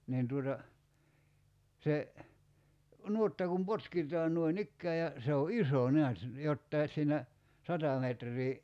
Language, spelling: Finnish, niin tuota se nuotta kun potkitaan noin ikään ja se on iso näet jotakin siinä sata metriä
- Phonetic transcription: 'niin tuota , 'se , 'nuotta kum 'potkit̀aan 'nuoin"ikkää ja , se o "iso 'neät , 'jottai s̀iinä , 'sata metr̀ii ,.

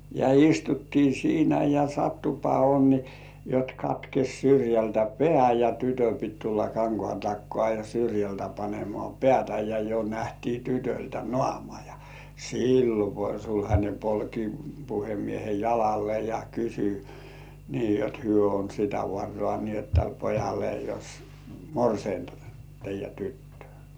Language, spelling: Finnish, ja istuttiin siinä ja sattuipa onni jotta katkesi syrjältä pää ja tytön piti tulla kankaan takaa ja syrjältä panemaan päätä ja jo nähtiin tytöltä naama ja silloin kun sulhanen polki puhemiehen jalalle ja kysyi niin jotta he on sitä varaa niin jotta tälle pojalle jos morsianta teidän tyttöä
- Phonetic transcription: ja 'istuttii "siinä ja 'sattupa "onni , jot katkes̜ 'syrjältä "pĕä̀ ja 'tytö pit tulla "kaŋkŏàn 'takkŏà ja 'syrjältä panemoà "pĕä̀§tä ja jo 'nähtii tytöltä "nŏàma ja , "sillo ko 'sulhańe polki 'puhemiehe "jalalle ja 'kysy , ni jot hyö on sitä 'varrŏà ni ‿ot täl 'pojalle jos , "morseinta , 'teij̆jä tuttʏ̆ᴏ̀̈ .

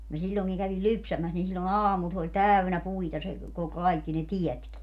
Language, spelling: Finnish, minä silloinkin kävin lypsämässä niin silloin aamulla se oli täynnä puita se kun kaikki ne tietkin
- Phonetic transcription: mi 'siĺĺoŋkiŋ kävil "lypsämäs nin sillo"n ‿aamul s ‿oĺ "täynä 'puita se ko - 'kaikki ne "tiɛtki .

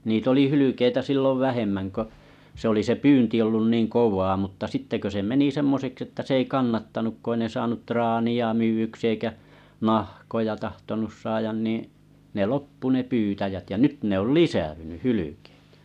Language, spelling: Finnish, niitä oli hylkeitä silloin vähemmän kun se oli se pyynti ollut niin kovaa mutta sitten kun se meni semmoiseksi että se ei kannattanut kun ei ne saanut traania myydyksi eikä nahkoja tahtonut saada niin ne loppui ne pyytäjät ja nyt ne oli lisääntynyt hylkeet
- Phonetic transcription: 'niit ‿oli 'hylykeitä 'sillov "vähemmän ko , se oli se 'pyynti ollun niŋ "kov̆vaa mutta 'sitte kö se 'meni 'semmoseks että se ei 'kannattanuk ku 'ei ne saanut 'traani₍a 'myy₍yksᴵ eikä , 'nahkoja tahtonus 'saajan niiḭ , ne 'loppu ne 'pyytäjät jä 'nyt ne ‿ol "lisäʷynyʰ "hylykᴇt .

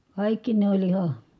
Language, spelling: Finnish, kaikki ne oli ihan
- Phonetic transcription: kàikki ne oĺ iha ,.

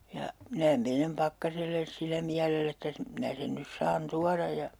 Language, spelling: Finnish, ja minä menen Pakkaselle sillä mielellä että - minä sen nyt saan tuoda ja
- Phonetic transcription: ja , minä 'menem "Pakkaselles 'sillä miälell ‿että s- , 'minä sen nys 'saan "tuaraj ja .

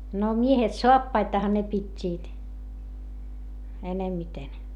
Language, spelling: Finnish, no miehet saappaitahan ne pitivät enemmiten
- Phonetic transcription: no miehet soappaitaha ne pit́t́iit , enemmiten .

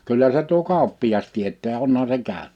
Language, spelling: Finnish, kyllä se tuo kauppias tietää onhan se käynyt
- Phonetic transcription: 'kyllä se tuo "kàuppi₍as 'tiet̀ää 'onha se 'kä̀ön[yt] .

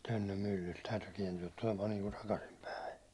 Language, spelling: Finnish, Tönnön myllyltä täytyy kääntyä tulemaan niin kuin takaisinpäin
- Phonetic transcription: 'Tönnöm 'myllylt täytyy 'kiɛnty₍ä tulemaa niiŋku "takasim'päi .

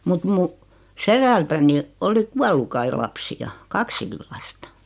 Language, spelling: Finnish, mutta minun sedältäni oli kuollut kai lapsia kaksikin lasta
- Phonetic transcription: mut 'mu , "seðältäni , 'oli 'kuallu kai 'lapsi₍a , "kaksikil 'lastᴀ .

